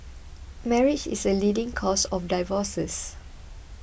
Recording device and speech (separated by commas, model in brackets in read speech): boundary microphone (BM630), read sentence